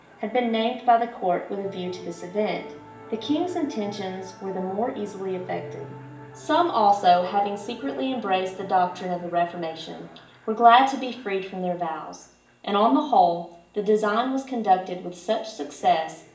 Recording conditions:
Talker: one person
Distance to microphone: 1.8 m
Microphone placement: close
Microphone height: 1.0 m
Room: large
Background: television

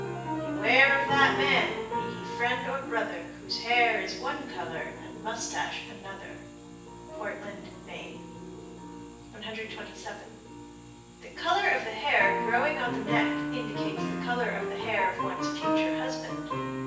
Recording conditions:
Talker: one person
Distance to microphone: 9.8 m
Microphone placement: far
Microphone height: 1.8 m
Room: large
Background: music

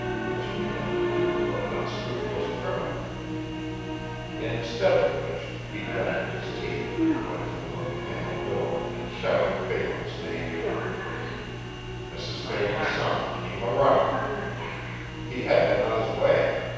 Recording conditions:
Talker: one person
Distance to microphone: 7.1 m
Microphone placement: far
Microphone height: 1.7 m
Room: very reverberant, large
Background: television

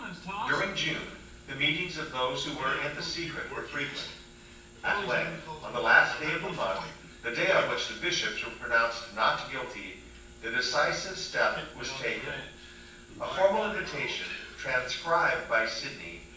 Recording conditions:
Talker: one person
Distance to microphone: 9.8 m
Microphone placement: far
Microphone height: 1.8 m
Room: large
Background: television

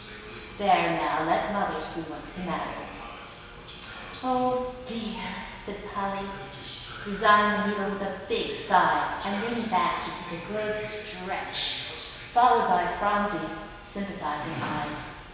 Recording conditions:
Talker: one person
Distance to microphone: 1.7 m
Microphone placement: close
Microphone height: 1.0 m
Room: very reverberant, large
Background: television

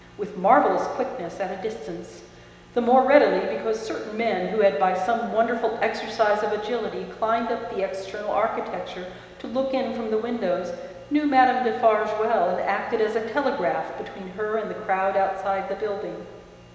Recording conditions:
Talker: one person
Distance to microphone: 1.7 m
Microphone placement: close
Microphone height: 1.0 m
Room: very reverberant, large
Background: none

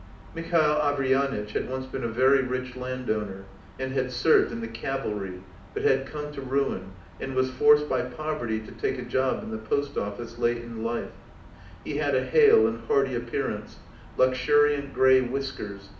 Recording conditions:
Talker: one person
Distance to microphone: 2.0 m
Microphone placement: close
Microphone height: 99 cm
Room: medium-sized (5.7 m by 4.0 m)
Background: none

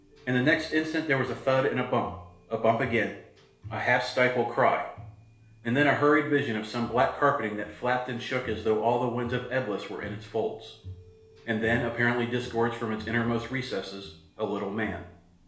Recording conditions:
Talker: one person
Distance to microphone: 1.0 m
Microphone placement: close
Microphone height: 1.1 m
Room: small (3.7 m by 2.7 m)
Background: music

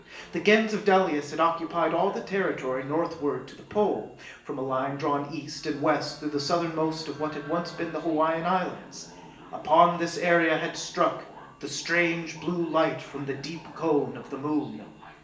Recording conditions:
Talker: one person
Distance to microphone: 1.8 m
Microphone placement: close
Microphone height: 1.0 m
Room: large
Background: television

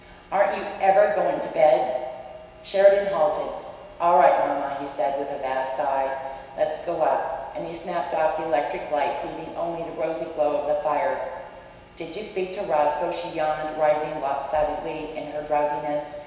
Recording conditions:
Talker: one person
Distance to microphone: 1.7 m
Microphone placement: close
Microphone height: 1.0 m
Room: very reverberant, large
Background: none

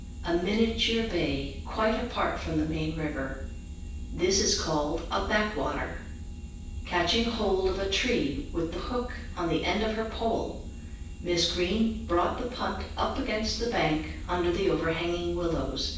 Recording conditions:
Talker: one person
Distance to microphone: 9.8 m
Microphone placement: far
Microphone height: 1.8 m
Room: large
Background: none

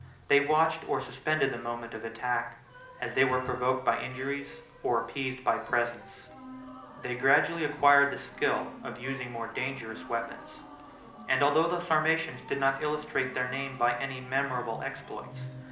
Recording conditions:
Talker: one person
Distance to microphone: 2.0 m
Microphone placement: close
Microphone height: 99 cm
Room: medium-sized (5.7 m by 4.0 m)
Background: music

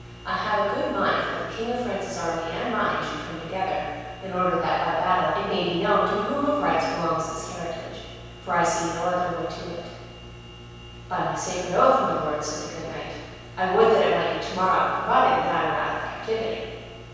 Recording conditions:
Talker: one person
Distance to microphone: 7.1 m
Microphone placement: far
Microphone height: 1.7 m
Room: very reverberant, large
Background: none

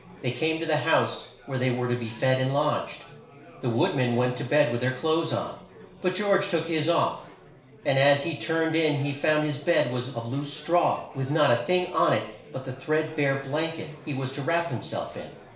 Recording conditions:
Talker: one person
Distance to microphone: 1.0 m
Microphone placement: close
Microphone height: 1.1 m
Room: small (3.7 m by 2.7 m)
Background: babble

